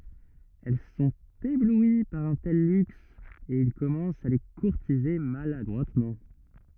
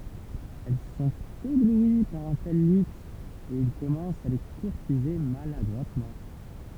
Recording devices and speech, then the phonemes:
rigid in-ear microphone, temple vibration pickup, read sentence
ɛl sɔ̃t eblwi paʁ œ̃ tɛl lyks e il kɔmɑ̃st a le kuʁtize maladʁwatmɑ̃

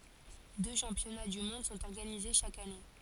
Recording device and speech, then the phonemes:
forehead accelerometer, read sentence
dø ʃɑ̃pjɔna dy mɔ̃d sɔ̃t ɔʁɡanize ʃak ane

